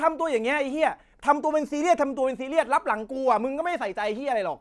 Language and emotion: Thai, angry